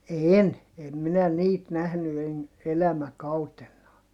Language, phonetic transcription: Finnish, een , em minä niit nähny en , elämäkautennaa .
- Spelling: en en minä niitä nähnyt en elämäkautenaan

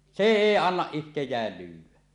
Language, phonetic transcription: Finnish, sè "èi "annaˀ 'ˀihtej̆jääl lyyw̆wä .
- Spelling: se ei anna itseään lyödä

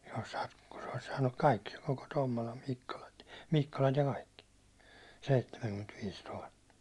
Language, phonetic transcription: Finnish, jos sᴀ- ku sᴇ ᴏʟɪs saannuk 'kaikki , koko 'Tommola Mikkola- , 'Mikkolat ja 'kaikki , 'seittemäŋkymmentviis 'tuhatta .
- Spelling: jos - kun se olisi saanut kaikki koko Tommolan - Mikkolat ja kaikki seitsemänkymmentäviisi tuhatta

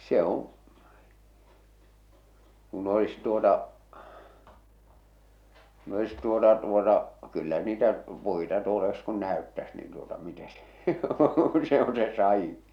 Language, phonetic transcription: Finnish, se ‿oo̰ , kun olis tuota , kun olis tuota tuota , kyllä niitä , 'puita 'tuol ‿olis kun 'nä̀öttäs niin tuota mite se , se on se 'sa₍iḭ .
- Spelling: se on kun olisi tuota kun olisi tuota tuota kyllä niitä puita tuolla olisi kun näyttäisi niin tuota miten se se on se sadin

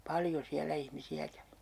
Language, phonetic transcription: Finnish, "paljo 'siällä 'ihmisi₍ä kävi .
- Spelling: paljon siellä ihmisiä kävi

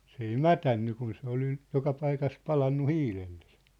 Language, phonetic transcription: Finnish, s ‿ei "mätänny kun se ‿ol (nyt) , 'joka 'paikas 'palannu 'hiilelʟᴇ sᴇ .
- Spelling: se ei mädäntynyt kun se oli nyt joka paikassa palanut hiilelle se

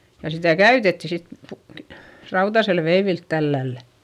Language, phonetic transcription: Finnish, ja sitä̀ käytetti sit pu- ve- , rautasel veivilt tällällä .
- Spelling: ja sitä käytettiin sitten - - rautaisella veivillä tällä lailla

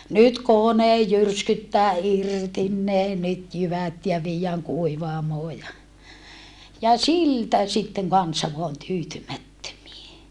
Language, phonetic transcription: Finnish, nyt konej jyrskyttää irtin ne nyt jyvät ja viijjääŋ kuivaamoo ja , ja siltä sitteŋ kansa voan tyytymättömie .
- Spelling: nyt kone jyrskyttää irti ne nyt jyvät ja viedään kuivaamoon ja ja siltä sitten kansa vain tyytymättömiä

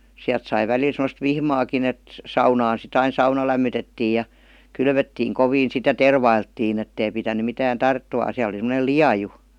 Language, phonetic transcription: Finnish, 'siält sai 'välil sem°st "vihmaakin ‿et , 'saunaan si't ‿ain "sauna lämmytettii ja , 'kylvöttiiŋ "koviin sit ja "tervailttiin ‿ettei pitäny mitään "tarttumàn̬ 'siäl ‿oli sem°nel "liaju .
- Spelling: sieltä sai välillä semmoista vihmaakin että saunaan sitten aina sauna lämmitettiin ja kylvettiin kovin sitten ja tervailtiin että ei pitänyt mitään tarttuman siellä oli semmoinen lieju

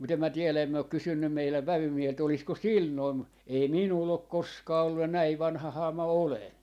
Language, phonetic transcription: Finnish, mut ‿em mä 'tielä em mä ok "kysynnym 'meiläv "vävymiehelt 'olisko "sil 'noim mu- , 'ei "minull ‿ok "koskaa ollu ja "näi 'vanᵃhahaa mä 'olen .
- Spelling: mutta en minä tiedä en minä ole kysynyt meidän vävymieheltä olisiko sillä noin - ei minulla ole koskaan ollut ja näin vanhahan minä olen

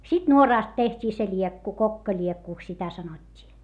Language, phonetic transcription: Finnish, sit nuoràst teht́ii se ĺiekku kokkaĺiekkùks sitä sanot́t́ii .
- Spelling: sitten nuorasta tehtiin se liekku kokkaliekuksi sitä sanottiin

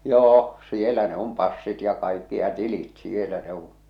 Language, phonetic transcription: Finnish, 'joo , "sielä ne ‿om 'passit ja 'kaikki ja 'tilit "sielä ne ‿un̬ .
- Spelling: joo siellä ne on passit ja kaikki ja tilit siellä ne on

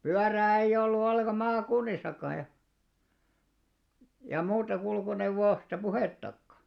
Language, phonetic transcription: Finnish, 'pyärää eiʲ ‿ollu 'olleka "maakunnis̆sakkaa ja , ja 'muuta 'kulkuneuvvoosta "puhèttakka .
- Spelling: pyörää ei ollut ollenkaan maakunnissakaan ja ja muusta kulkuneuvosta puhettakaan

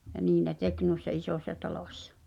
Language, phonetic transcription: Finnish, ja 'nii ne "tek nùissa "isòśsa 'talòśsᴀ .
- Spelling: ja niin ne teki noissa isossa talossa

